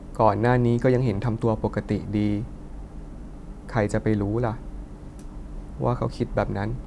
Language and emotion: Thai, sad